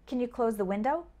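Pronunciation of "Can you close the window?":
In 'Can you close the window?', the word 'can' sounds more like 'kin'.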